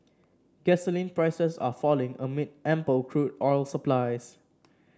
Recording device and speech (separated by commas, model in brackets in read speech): standing microphone (AKG C214), read sentence